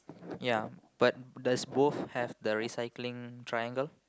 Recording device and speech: close-talking microphone, conversation in the same room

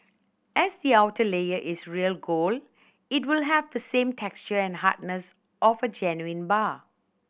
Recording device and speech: boundary microphone (BM630), read sentence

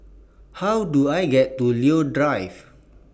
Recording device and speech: boundary microphone (BM630), read sentence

